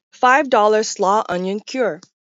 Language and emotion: English, neutral